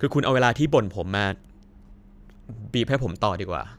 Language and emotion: Thai, frustrated